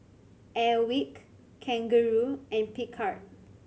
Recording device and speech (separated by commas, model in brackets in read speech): mobile phone (Samsung C7100), read sentence